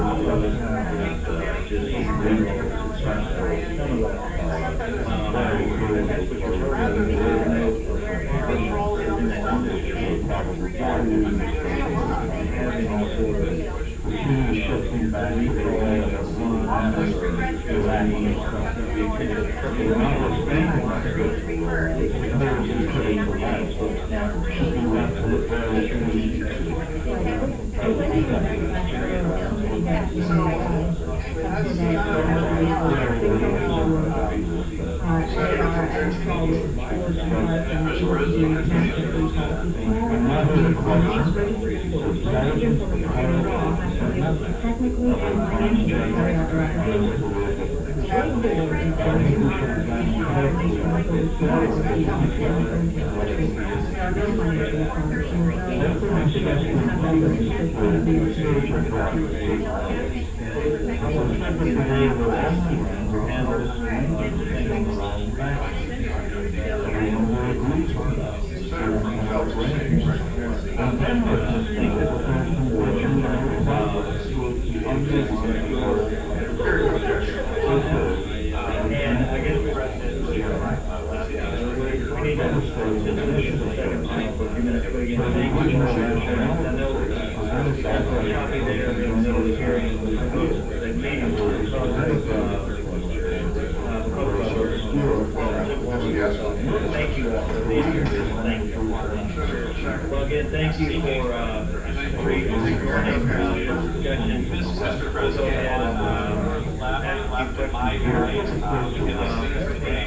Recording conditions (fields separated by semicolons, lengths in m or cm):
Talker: no one; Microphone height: 1.8 m; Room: large; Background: babble